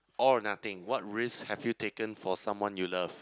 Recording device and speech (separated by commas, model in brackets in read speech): close-talking microphone, conversation in the same room